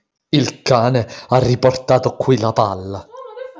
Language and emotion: Italian, angry